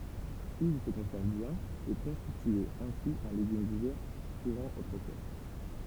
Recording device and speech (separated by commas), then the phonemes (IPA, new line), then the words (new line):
temple vibration pickup, read sentence
il sə kɔ̃sɛʁv bjɛ̃n e kɔ̃stityɛt ɛ̃si œ̃ leɡym divɛʁ kuʁɑ̃ otʁəfwa
Ils se conservent bien et constituaient ainsi un légume d'hiver courant autrefois.